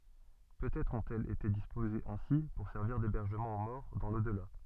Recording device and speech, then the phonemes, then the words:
soft in-ear microphone, read sentence
pøtɛtʁ ɔ̃tɛlz ete dispozez ɛ̃si puʁ sɛʁviʁ debɛʁʒəmɑ̃ o mɔʁ dɑ̃ lodla
Peut-être ont-elles été disposées ainsi pour servir d'hébergement aux morts dans l'au-delà.

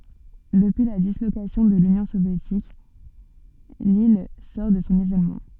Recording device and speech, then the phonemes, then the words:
soft in-ear microphone, read sentence
dəpyi la dislokasjɔ̃ də lynjɔ̃ sovjetik lil sɔʁ də sɔ̃ izolmɑ̃
Depuis la dislocation de l'Union soviétique, l'île sort de son isolement.

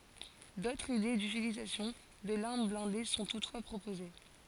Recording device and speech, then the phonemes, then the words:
forehead accelerometer, read sentence
dotʁz ide dytilizasjɔ̃ də laʁm blɛ̃de sɔ̃ tutfwa pʁopoze
D'autres idées d'utilisation de l'arme blindée sont toutefois proposées.

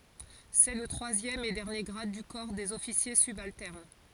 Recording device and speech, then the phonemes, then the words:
forehead accelerometer, read sentence
sɛ lə tʁwazjɛm e dɛʁnje ɡʁad dy kɔʁ dez ɔfisje sybaltɛʁn
C'est le troisième et dernier grade du corps des officiers subalternes.

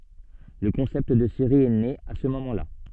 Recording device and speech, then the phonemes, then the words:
soft in-ear microphone, read sentence
lə kɔ̃sɛpt də seʁi ɛ ne a sə momɑ̃ la
Le concept de série est né à ce moment là.

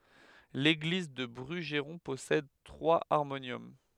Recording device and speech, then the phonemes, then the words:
headset microphone, read sentence
leɡliz dy bʁyʒʁɔ̃ pɔsɛd tʁwaz aʁmonjɔm
L'église du Brugeron possède trois harmoniums.

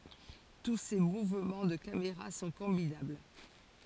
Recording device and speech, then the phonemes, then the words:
forehead accelerometer, read sentence
tu se muvmɑ̃ də kameʁa sɔ̃ kɔ̃binabl
Tous ces mouvements de caméra sont combinables.

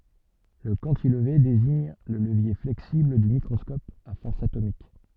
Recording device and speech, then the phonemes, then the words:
soft in-ear microphone, read sentence
lə kɑ̃tilve deziɲ lə ləvje flɛksibl dy mikʁɔskɔp a fɔʁs atomik
Le cantilever désigne le levier flexible du microscope à force atomique.

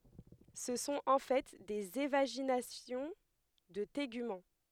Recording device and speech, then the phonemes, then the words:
headset microphone, read sentence
sə sɔ̃t ɑ̃ fɛ dez evaʒinasjɔ̃ də teɡymɑ̃
Ce sont en fait des évaginations de tégument.

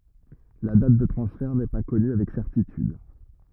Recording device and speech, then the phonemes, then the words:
rigid in-ear microphone, read sentence
la dat də tʁɑ̃sfɛʁ nɛ pa kɔny avɛk sɛʁtityd
La date de transfert n’est pas connue avec certitude.

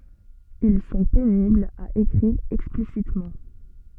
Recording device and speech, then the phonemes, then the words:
soft in-ear microphone, read sentence
il sɔ̃ peniblz a ekʁiʁ ɛksplisitmɑ̃
Ils sont pénibles à écrire explicitement.

